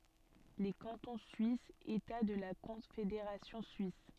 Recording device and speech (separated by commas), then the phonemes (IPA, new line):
soft in-ear microphone, read sentence
le kɑ̃tɔ̃ syisz eta də la kɔ̃fedeʁasjɔ̃ syis